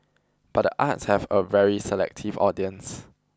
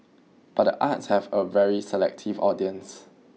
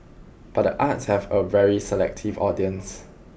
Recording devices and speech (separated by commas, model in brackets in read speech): close-talking microphone (WH20), mobile phone (iPhone 6), boundary microphone (BM630), read sentence